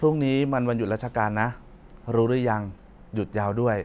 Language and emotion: Thai, neutral